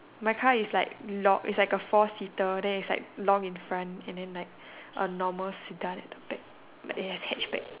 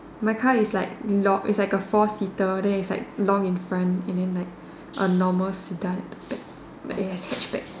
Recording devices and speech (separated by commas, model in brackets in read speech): telephone, standing microphone, conversation in separate rooms